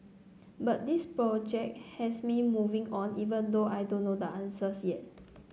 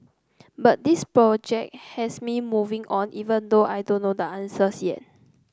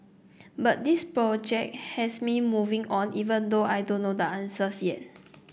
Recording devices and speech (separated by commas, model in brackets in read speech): mobile phone (Samsung C9), close-talking microphone (WH30), boundary microphone (BM630), read sentence